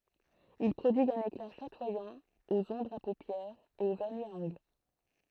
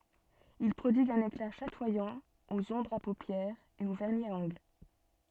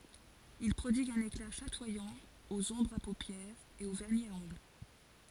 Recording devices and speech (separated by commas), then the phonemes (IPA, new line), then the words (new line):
throat microphone, soft in-ear microphone, forehead accelerometer, read sentence
il pʁodiɡt œ̃n ekla ʃatwajɑ̃ oz ɔ̃bʁz a popjɛʁz e o vɛʁni a ɔ̃ɡl
Ils prodiguent un éclat chatoyant aux ombres à paupières et aux vernis à ongles.